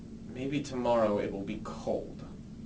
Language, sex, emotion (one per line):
English
male
neutral